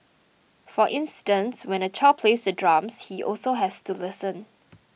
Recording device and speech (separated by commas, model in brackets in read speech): mobile phone (iPhone 6), read sentence